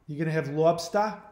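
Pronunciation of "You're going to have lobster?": This is said in a New England accent. The r sounds are not pronounced in 'you're' and 'lobster', but the h in 'have' is pronounced.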